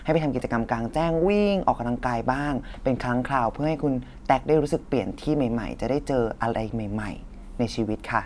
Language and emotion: Thai, neutral